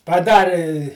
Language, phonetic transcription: Lithuanian, paˈdari

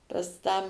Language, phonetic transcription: Lithuanian, pas ˈtą

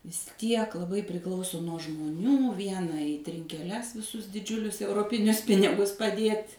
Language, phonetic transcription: Lithuanian, vis ˈtiek laˈbai priˈklauso nuo žmoˈnių ˈviena į trinkeˈles viˈsus diˈdžiulius euroˈpinius ˈpinigus paˈdiet'

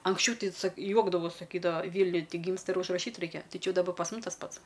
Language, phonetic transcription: Lithuanian, anksˈčiau ˈtai sak ˈjuokdavos saˈkydava ˈvyniuj ˈgymsta ir užraˈšyt ˈraikia ˈtai ˈči ˈjau daˈba pas ˈmus tas ˈpats

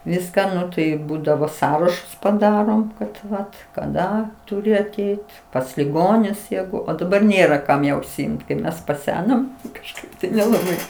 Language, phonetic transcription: Lithuanian, ˈviską ˈnu tai ˈbūdavo ˈsąrašus paˈdarom kad ˈvat kaˈda tuˈri aˈteit pas liˈgonius ˈjegu o daˈbar ˈnėra ˈkam jau užsiˈimt kai ˈmes paˈsenom kažˈkaip tai nelaˈbai

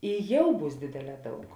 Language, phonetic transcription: Lithuanian, i ˈjau ˈbūs ˈdėdėˌlē ˈdaug

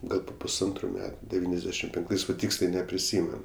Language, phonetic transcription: Lithuanian, ˈgal pu pusˈantru ˈmetu deˈvyniasˌdešim penkˈtais va ˈtyksliai nepriˈsymen

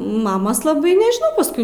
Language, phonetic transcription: Lithuanian, ˈmamos laˈbai nežiˈnau pasˈkui

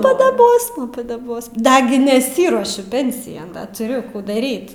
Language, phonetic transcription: Lithuanian, padaˈbosma padaˈbosma ˈdagi neˈsyruošiu ˈpensijan ˈda tuˈriu ˈkų daˈryt

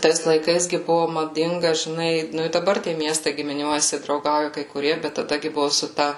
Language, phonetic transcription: Lithuanian, ˈtais laiˈkais gi ˈbuvu maˈdinga žiˈnai ˈnu i daˈbar tie ˈmiestai gimiˈniuojasi drauˈgauja kai kuˈrie bet taˈda gi ˈbuvu su ˈta

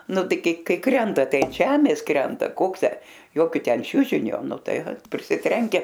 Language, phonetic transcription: Lithuanian, ˈnu ˈtai ˈkai ˈkai ˈkrenta ˈtai an ˈžemės ˈkrenta ˈkoks ˈtę ˈjokio ˈten ˈčiužinio nu ˈtai prisiˈtrenke

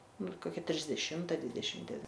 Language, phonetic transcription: Lithuanian, ˈnu ir koˈkia trisdeˈšimta ˈdvidešim deˈvin

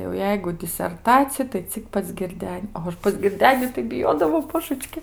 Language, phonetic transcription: Lithuanian, jau ˈjeigu diserˈtacija tai ˈcik pas girˈden' pas girˈdeni tai biˈjodavau ˈbožəčki

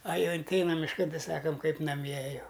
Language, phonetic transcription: Lithuanian, a ˈjau inˈteinam mišˈkan ˈtei ˈsakam ˈkaip naˈmie ˈjau

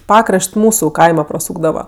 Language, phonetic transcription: Lithuanian, ˈpakraš't' ˈmūsu ˈkaima praˈsūkdava

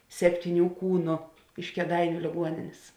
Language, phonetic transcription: Lithuanian, septyˈnių ˈkūnu iš kėˈdainiu lėˈguoninės

